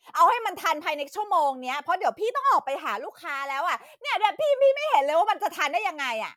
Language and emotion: Thai, angry